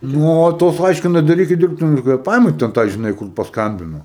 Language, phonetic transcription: Lithuanian, ˈnu o ˈtos ˈaiškina daˈrykit ˈdirbtini kvėˈpavima ten ˈtai žiˈnai kur pasˈkambino

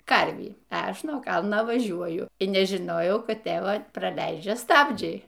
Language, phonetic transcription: Lithuanian, ˈkarvį a ˈaš nuo ˈkalna vaˈžiuoju y nežiˈnojau ˈkad ˈtėva praˈleidžia ˈstabdžiai

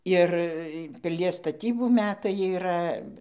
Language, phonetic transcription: Lithuanian, ˈir piˈlies staˈtybų ˈmetai yˈra

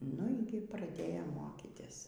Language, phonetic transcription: Lithuanian, ˈnu y ˈgi praˈdėjom ˈmokytis

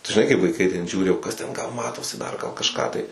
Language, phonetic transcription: Lithuanian, žiˈnai kaip vaiˈkai ten ˈžiūri o ˈkas ten ˈgal ˈmatosi ˈdar gal kažˈką tai

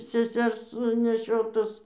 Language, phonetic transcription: Lithuanian, seˈsers neˈšiotus

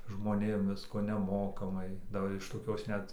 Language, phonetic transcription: Lithuanian, žmoˈnėm ˈvisko neˈmokamai daˈbar iš toˈkios ˈnet

